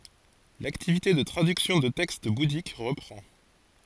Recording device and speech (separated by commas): forehead accelerometer, read sentence